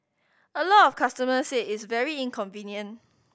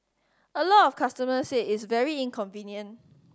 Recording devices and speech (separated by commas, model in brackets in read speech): boundary microphone (BM630), standing microphone (AKG C214), read sentence